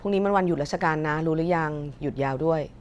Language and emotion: Thai, neutral